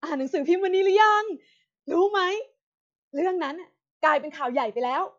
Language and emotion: Thai, happy